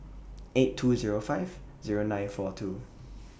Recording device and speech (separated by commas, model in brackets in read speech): boundary microphone (BM630), read sentence